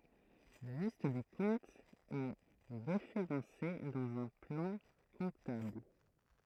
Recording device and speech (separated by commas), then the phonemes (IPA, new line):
throat microphone, read sentence
la list de kɔ̃tz ɛ ʁefeʁɑ̃se dɑ̃z œ̃ plɑ̃ kɔ̃tabl